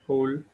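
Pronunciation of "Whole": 'Whole' is said with an o sound, and this is the correct pronunciation.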